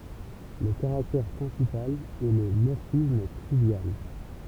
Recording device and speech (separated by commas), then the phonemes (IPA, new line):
temple vibration pickup, read sentence
lə kaʁaktɛʁ pʁɛ̃sipal ɛ lə mɔʁfism tʁivjal